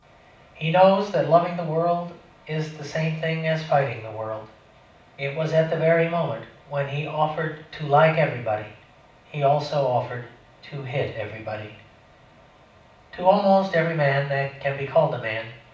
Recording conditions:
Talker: one person; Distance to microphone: 5.8 m; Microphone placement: far; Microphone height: 1.8 m; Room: medium-sized (5.7 m by 4.0 m); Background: none

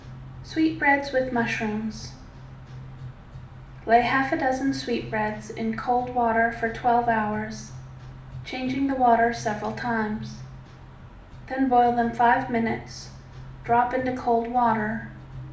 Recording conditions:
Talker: one person; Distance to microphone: 2.0 m; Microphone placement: close; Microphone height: 99 cm; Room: medium-sized (5.7 m by 4.0 m); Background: music

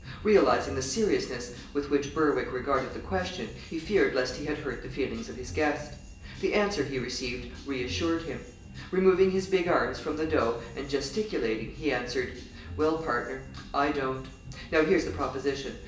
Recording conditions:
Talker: one person; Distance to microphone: 1.8 m; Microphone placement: close; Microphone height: 1.0 m; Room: large; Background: music

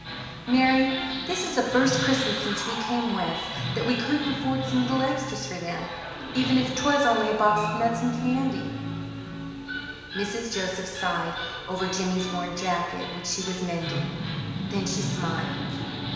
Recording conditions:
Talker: one person; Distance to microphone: 1.7 m; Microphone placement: close; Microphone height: 1.0 m; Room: very reverberant, large; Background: television

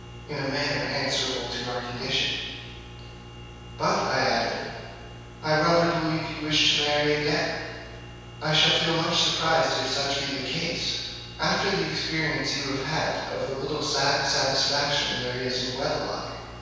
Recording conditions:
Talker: one person; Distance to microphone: 7.1 m; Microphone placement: far; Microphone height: 1.7 m; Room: very reverberant, large; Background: none

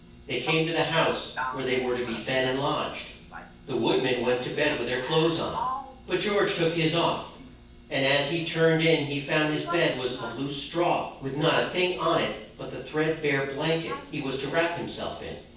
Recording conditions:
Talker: one person; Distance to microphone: 9.8 m; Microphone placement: far; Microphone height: 1.8 m; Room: large; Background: television

